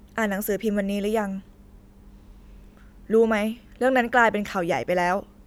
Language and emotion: Thai, frustrated